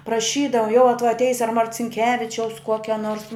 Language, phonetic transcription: Lithuanian, praˈšydava jau a tuoj atˈeis a marcinˈkevičiaus ˈkuokia nors

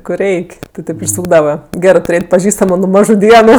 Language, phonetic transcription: Lithuanian, kur ˈreik' ti ˈtėp išˈsūkdava ˈgerɜ tuˈrėt' paˈžįstamu nu ˈmažu ˈdienu

